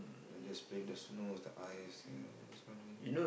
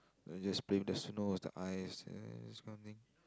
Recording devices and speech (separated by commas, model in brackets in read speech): boundary microphone, close-talking microphone, conversation in the same room